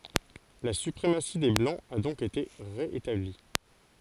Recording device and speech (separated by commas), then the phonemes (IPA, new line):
forehead accelerometer, read sentence
la sypʁemasi de blɑ̃z a dɔ̃k ete ʁe etabli